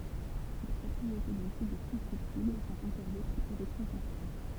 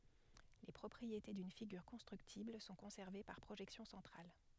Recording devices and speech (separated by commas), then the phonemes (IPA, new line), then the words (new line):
temple vibration pickup, headset microphone, read sentence
le pʁɔpʁiete dyn fiɡyʁ kɔ̃stʁyktibl sɔ̃ kɔ̃sɛʁve paʁ pʁoʒɛksjɔ̃ sɑ̃tʁal
Les propriétés d'une figure constructible sont conservées par projection centrale.